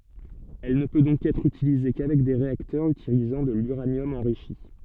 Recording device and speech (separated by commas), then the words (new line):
soft in-ear microphone, read sentence
Elle ne peut donc être utilisée qu'avec des réacteurs utilisant de l’uranium enrichi.